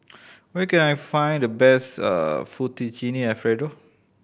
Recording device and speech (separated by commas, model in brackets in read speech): boundary microphone (BM630), read sentence